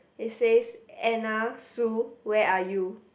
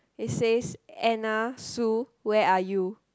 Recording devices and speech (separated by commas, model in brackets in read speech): boundary microphone, close-talking microphone, conversation in the same room